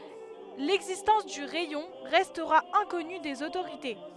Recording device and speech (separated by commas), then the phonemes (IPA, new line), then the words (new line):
headset microphone, read sentence
lɛɡzistɑ̃s dy ʁɛjɔ̃ ʁɛstʁa ɛ̃kɔny dez otoʁite
L'existence du rayon restera inconnue des autorités.